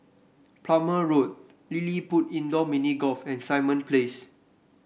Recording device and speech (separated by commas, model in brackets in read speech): boundary microphone (BM630), read sentence